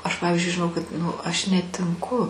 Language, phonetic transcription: Lithuanian, ˈaš ˈpavizdžiui žiˈnau kad ˈnu ˈaš netinˈku

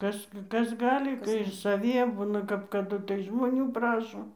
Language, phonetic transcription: Lithuanian, ˈkas ˈkas ˈgali ir saˈvie ˈbuna kap kaˈdu tai žmoˈnių ˈprašo

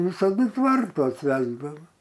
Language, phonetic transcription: Lithuanian, visaˈdu ˈtvartuos ˈvesdava

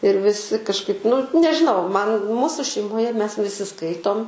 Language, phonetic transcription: Lithuanian, ir viˈsi kažˈkaip nu nežiˈnau ˈman ˈmūsu šeimoˈje ˈmes viˈsi ˈskaitom

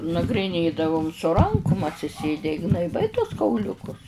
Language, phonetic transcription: Lithuanian, nagriˈnėdavum su ˈrankum atsiˈsėde i gnaiˈbai tuos kauˈliukus

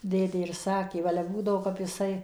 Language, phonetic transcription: Lithuanian, ˈdėdė ir ˈsakė ˈva ale ˈbūdavo kap jiˈsai

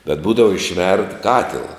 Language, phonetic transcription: Lithuanian, bet ˈbūdava išˈverd ˈkatila

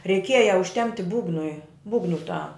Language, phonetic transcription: Lithuanian, reiˈkieja užˈtempti ˈbūgnui ˈbūgnu ta

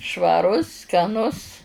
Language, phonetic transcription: Lithuanian, švaˈrus skaˈnus

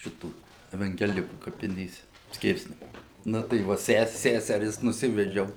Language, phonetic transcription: Lithuanian, ˈšitų evangeˈlikų kapiˈnėse ˈskirsnemunė ˈnu tai ˈva ˈses ˈsæseris nuˈsivedžiau

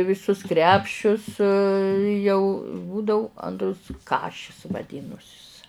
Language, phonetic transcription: Lithuanian, viˈsus ˈkrepšius jau ˈbūdau ˈantrus ˈkašis vaˈdynusis

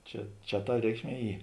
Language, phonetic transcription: Lithuanian, ˈčia ˈčia ta ˈreikšˌmie ˈy

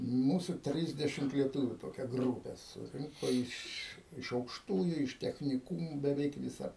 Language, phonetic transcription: Lithuanian, ˈmūsu ˈtrisdešimt lieˈtuviu toˈkia ˈgrūpe suˈrinko ˈiš iš aukšˈtųju iš techniˈkumų beˈveik viˈsa

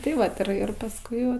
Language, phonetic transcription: Lithuanian, tai ˈvat ir ˈir pasˈkui ˈva

